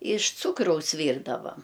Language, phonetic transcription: Lithuanian, iš ˈcūkraus ˈvyrdavam

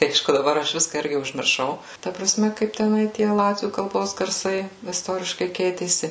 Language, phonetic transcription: Lithuanian, ˈaišku daˈbar ˈaš ˈviska ˈirgi užmirˈšau ˈta praˈsme kaip teˈnai ˈtie ˈlatvių kalˈbos garˈsai isˈtoriškai ˈkeitėsi

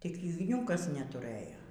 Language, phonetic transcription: Lithuanian, tik igˈniūkas netuˈrɘjo

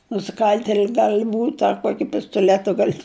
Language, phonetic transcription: Lithuanian, nusiˈkal'teli ˈgal' ˈbūt' a ˈkuoki pistoˈletu ˈgal'

